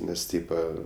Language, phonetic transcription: Lithuanian, ˈnes ˈtypa

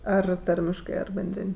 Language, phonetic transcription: Lithuanian, ˈar ˈtarmiškɜ ar benˈdrin'

